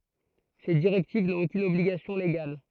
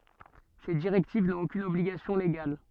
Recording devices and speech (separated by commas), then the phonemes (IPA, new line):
throat microphone, soft in-ear microphone, read sentence
se diʁɛktiv nɔ̃t okyn ɔbliɡasjɔ̃ leɡal